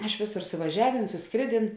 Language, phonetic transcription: Lithuanian, ˈiš ˈvėˌsor suvaˈžiaˌvėn susˈkrėˌdėn

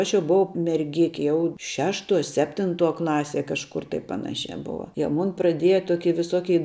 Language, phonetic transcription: Lithuanian, ˈaš jau buˈvau merˈgiki ˈjau ˈšešˌtuo ˈseptinˌtuo ˈklaˌsie kažˈkur tai ˈpanašiā ˈbova jie ˈmun praˈdieja ˈtoki viˈsokei

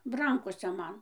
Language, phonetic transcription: Lithuanian, ˈrankose ˈman

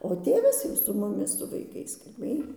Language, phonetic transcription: Lithuanian, o ˈtėvas jau su muˈmis su vaiˈkais kalˈbėj

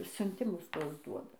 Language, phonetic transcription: Lithuanian, siunˈtimus ˈtuos ˈduoda

